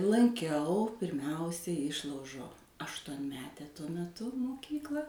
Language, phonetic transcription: Lithuanian, lanˈkiau pirˈmiausia ˈišlaužo aštuonˈmete tuo meˈtu moˈkykla

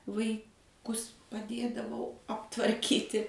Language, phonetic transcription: Lithuanian, vaiˈkus paˈdėdavau aptvarˈkyti

